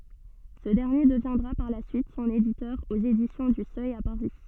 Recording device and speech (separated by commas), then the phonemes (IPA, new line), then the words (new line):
soft in-ear microphone, read sentence
sə dɛʁnje dəvjɛ̃dʁa paʁ la syit sɔ̃n editœʁ oz edisjɔ̃ dy sœj a paʁi
Ce dernier deviendra par la suite son éditeur aux Éditions du Seuil à Paris.